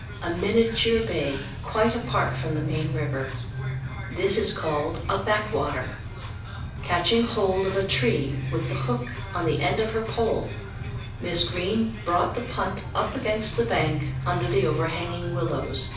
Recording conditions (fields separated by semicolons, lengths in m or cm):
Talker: one person; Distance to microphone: 5.8 m; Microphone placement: far; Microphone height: 1.8 m; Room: medium-sized (5.7 m by 4.0 m); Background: music